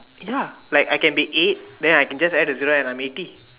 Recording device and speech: telephone, conversation in separate rooms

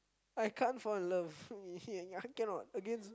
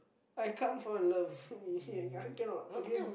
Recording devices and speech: close-talking microphone, boundary microphone, conversation in the same room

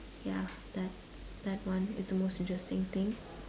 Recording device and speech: standing microphone, conversation in separate rooms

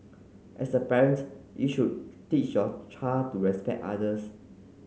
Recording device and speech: mobile phone (Samsung C9), read sentence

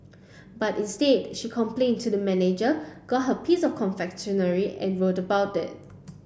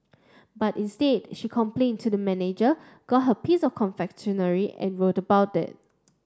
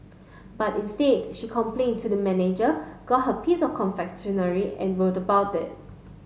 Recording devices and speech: boundary microphone (BM630), standing microphone (AKG C214), mobile phone (Samsung S8), read sentence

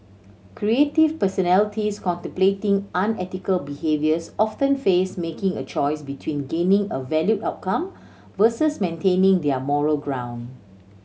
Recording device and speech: mobile phone (Samsung C7100), read sentence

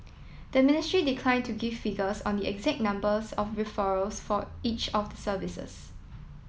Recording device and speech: mobile phone (iPhone 7), read sentence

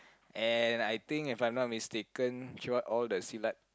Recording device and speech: close-talking microphone, conversation in the same room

